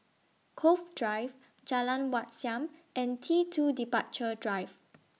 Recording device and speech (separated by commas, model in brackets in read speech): mobile phone (iPhone 6), read sentence